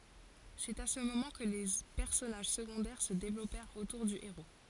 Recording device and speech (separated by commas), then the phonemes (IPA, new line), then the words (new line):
forehead accelerometer, read sentence
sɛt a sə momɑ̃ kə le pɛʁsɔnaʒ səɡɔ̃dɛʁ sə devlɔpɛʁt otuʁ dy eʁo
C’est à ce moment que les personnages secondaires se développèrent autour du héros.